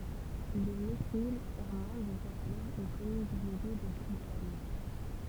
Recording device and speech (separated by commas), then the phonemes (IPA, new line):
temple vibration pickup, read sentence
lə menil ɛʁmɑ̃ dəvjɛ̃ alɔʁ yn kɔmyn deleɡe də buʁɡvale